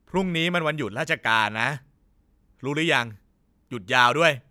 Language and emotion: Thai, frustrated